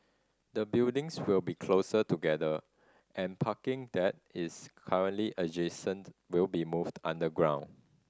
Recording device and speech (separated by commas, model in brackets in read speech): standing microphone (AKG C214), read sentence